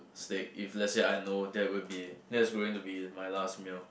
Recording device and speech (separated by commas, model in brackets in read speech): boundary microphone, conversation in the same room